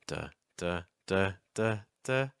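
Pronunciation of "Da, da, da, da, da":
The pitch rises across the five 'da' syllables, moving back up.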